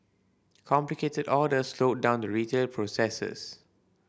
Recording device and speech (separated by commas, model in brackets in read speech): boundary microphone (BM630), read sentence